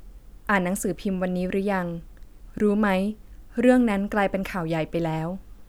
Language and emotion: Thai, neutral